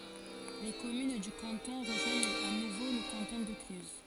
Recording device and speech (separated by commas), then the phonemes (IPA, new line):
forehead accelerometer, read sentence
le kɔmyn dy kɑ̃tɔ̃ ʁəʒwaɲt a nuvo lə kɑ̃tɔ̃ də klyz